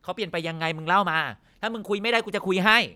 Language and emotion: Thai, angry